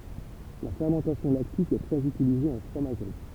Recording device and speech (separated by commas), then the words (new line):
temple vibration pickup, read sentence
La fermentation lactique est très utilisée en fromagerie.